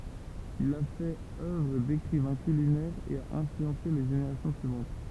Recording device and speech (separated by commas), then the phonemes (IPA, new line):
temple vibration pickup, read sentence
il a fɛt œvʁ dekʁivɛ̃ kylinɛʁ e a ɛ̃flyɑ̃se le ʒeneʁasjɔ̃ syivɑ̃t